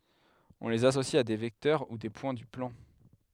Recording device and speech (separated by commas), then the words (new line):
headset microphone, read sentence
On les associe à des vecteurs ou des points du plan.